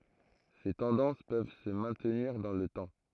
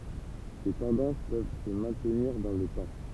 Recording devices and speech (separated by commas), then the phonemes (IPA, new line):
throat microphone, temple vibration pickup, read sentence
se tɑ̃dɑ̃s pøv sə mɛ̃tniʁ dɑ̃ lə tɑ̃